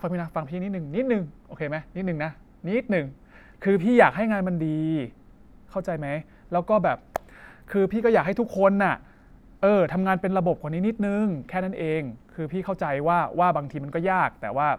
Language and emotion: Thai, frustrated